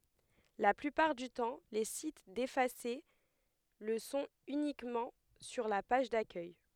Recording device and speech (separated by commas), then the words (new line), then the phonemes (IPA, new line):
headset microphone, read sentence
La plupart du temps, les sites défacés le sont uniquement sur la page d'accueil.
la plypaʁ dy tɑ̃ le sit defase lə sɔ̃t ynikmɑ̃ syʁ la paʒ dakœj